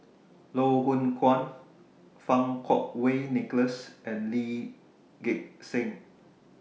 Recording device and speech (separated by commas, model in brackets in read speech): mobile phone (iPhone 6), read sentence